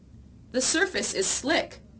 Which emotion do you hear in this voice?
neutral